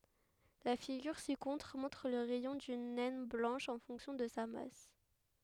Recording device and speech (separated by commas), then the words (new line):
headset microphone, read sentence
La figure ci-contre montre le rayon d'une naine blanche en fonction de sa masse.